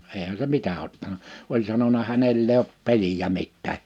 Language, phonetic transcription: Finnish, eehä se 'mitä ottana , 'oĺ sanona » 'hänell ‿e ‿op 'peliʲä 'mittää « .
- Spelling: eihän se mitä ottanut oli sanonut hänellä en ole peliä mitään

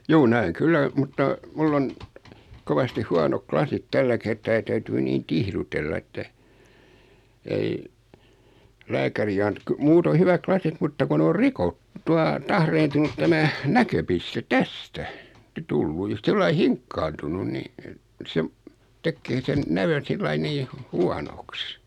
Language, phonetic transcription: Finnish, juu 'nä₍eŋ "kyllä , mutta , 'mull ‿on , 'kovastih 'huanok "klasit 'tällä kertaa ja 'täytyy 'niin "tihrutella että , ei , 'lääkäri ant- ky- 'muutoi 'hyväk "klasit mutta ku 'n ‿or "rikot- , tua , 'tahreentunut 'tämä , "näköpiste "tästä , 'tullu ja 'sillai "hiŋkkaantunun ni , et , 'sev , 'tekkee sen , 'nävön̬ sillai 'nii , hu- "huanoks .
- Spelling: juu näen kyllä mutta minulla on kovasti huonot lasit tällä kertaa ja täytyy niin tihrutella että ei lääkäri - - muuten hyvät lasit mutta kun ne on - tuota tahriintunut tämä näköpiste tästä tullut ja sillä lailla hinkkaantunut niin että sen tekee sen näön sillä lailla niin - huonoksi

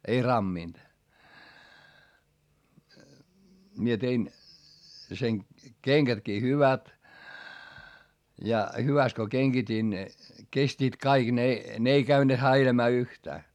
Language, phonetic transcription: Finnish, mie tein , sen , keŋGätkii hyvät , ja , hyväst ko keŋGit́ìn , kestiit kaiG ne , ne ei käyne häilämää yhtää .
- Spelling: minä tein sen kengätkin hyvät ja hyvästi kun kengitin kestivät kaikki ne ne ei käyneet häiläämään yhtään

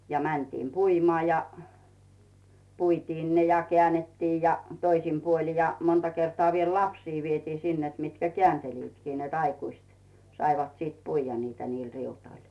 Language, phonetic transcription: Finnish, ja 'mäntiim "puimᵒà ja , 'puitiin "ne ja 'kᵉä̀nnettii ja , 'toisim puoli ja , 'monta kertoà viel "lapsii vietii sin net 'mitkä "keänteliitkii net 'aikuist , 'saivat siit "puijja niitä niil 'riutoil .
- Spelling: ja mentiin puimaan ja puitiin ne ja käännettiin ja toisin puolin ja monta kertaa vielä lapsia vietiin sinne että mitkä kääntelivätkin että aikuiset saivat sitten puida niitä niillä riutoilla

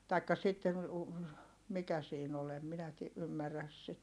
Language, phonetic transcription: Finnish, taikka sitten̬ u- , mikä siin ‿ol ‿em minä ti- , ymmäräs sit .
- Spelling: tai sitten - mikä siinä oli en minä - ymmärrä sitten

